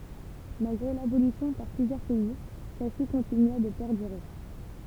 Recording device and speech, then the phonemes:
temple vibration pickup, read sentence
malɡʁe labolisjɔ̃ paʁ plyzjœʁ pɛi sɛlsi kɔ̃tinya də pɛʁdyʁe

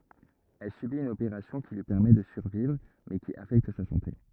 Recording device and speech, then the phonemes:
rigid in-ear microphone, read sentence
ɛl sybit yn opeʁasjɔ̃ ki lyi pɛʁmɛ də syʁvivʁ mɛ ki afɛkt sa sɑ̃te

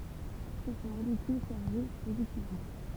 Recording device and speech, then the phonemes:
temple vibration pickup, read sentence
sɛt yn molekyl ʃaʁʒe pozitivmɑ̃

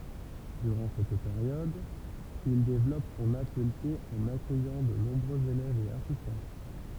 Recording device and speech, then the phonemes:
temple vibration pickup, read sentence
dyʁɑ̃ sɛt peʁjɔd il devlɔp sɔ̃n atəlje ɑ̃n akœjɑ̃ də nɔ̃bʁøz elɛvz e asistɑ̃

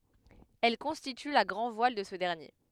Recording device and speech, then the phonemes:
headset microphone, read sentence
ɛl kɔ̃stity la ɡʁɑ̃dvwal də sə dɛʁnje

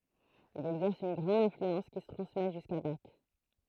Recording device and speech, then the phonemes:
throat microphone, read sentence
il ɛɡzɛʁs yn ɡʁɑ̃d ɛ̃flyɑ̃s ki sə tʁɑ̃smɛ ʒyska bak

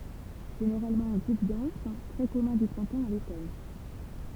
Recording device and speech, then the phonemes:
temple vibration pickup, read sentence
ʒeneʁalmɑ̃ ɑ̃ ɡʁup dɑ̃s tʁɛ kɔmœ̃ dy pʁɛ̃tɑ̃ a lotɔn

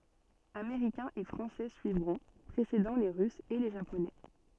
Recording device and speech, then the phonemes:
soft in-ear microphone, read sentence
ameʁikɛ̃z e fʁɑ̃sɛ syivʁɔ̃ pʁesedɑ̃ le ʁysz e le ʒaponɛ

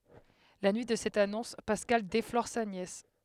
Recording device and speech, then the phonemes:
headset microphone, read sentence
la nyi də sɛt anɔ̃s paskal deflɔʁ sa njɛs

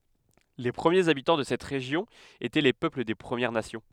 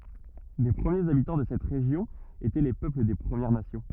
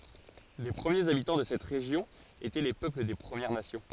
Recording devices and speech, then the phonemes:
headset microphone, rigid in-ear microphone, forehead accelerometer, read sentence
le pʁəmjez abitɑ̃ də sɛt ʁeʒjɔ̃ etɛ le pøpl de pʁəmjɛʁ nasjɔ̃

